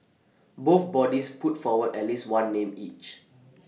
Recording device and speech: mobile phone (iPhone 6), read sentence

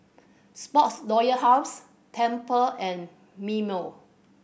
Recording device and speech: boundary microphone (BM630), read sentence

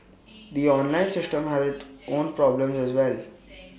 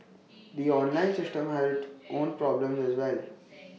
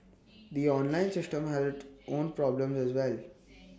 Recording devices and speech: boundary microphone (BM630), mobile phone (iPhone 6), standing microphone (AKG C214), read sentence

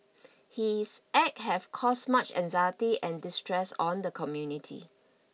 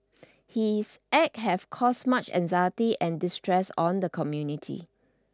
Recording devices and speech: mobile phone (iPhone 6), standing microphone (AKG C214), read sentence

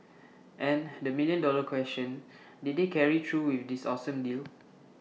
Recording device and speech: mobile phone (iPhone 6), read sentence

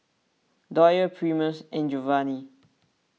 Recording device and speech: mobile phone (iPhone 6), read sentence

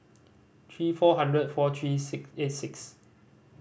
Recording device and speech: boundary microphone (BM630), read sentence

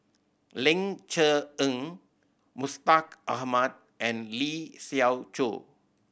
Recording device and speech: boundary microphone (BM630), read sentence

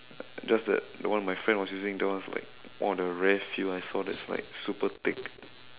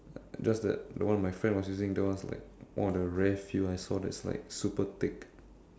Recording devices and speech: telephone, standing microphone, conversation in separate rooms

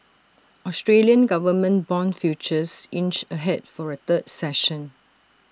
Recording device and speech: standing microphone (AKG C214), read sentence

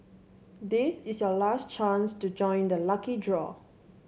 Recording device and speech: mobile phone (Samsung C7), read sentence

